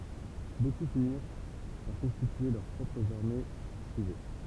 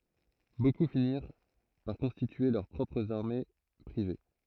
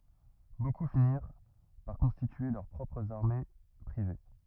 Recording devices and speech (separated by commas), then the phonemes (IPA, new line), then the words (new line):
temple vibration pickup, throat microphone, rigid in-ear microphone, read sentence
boku finiʁ paʁ kɔ̃stitye lœʁ pʁɔpʁz aʁme pʁive
Beaucoup finirent par constituer leurs propres armées privées.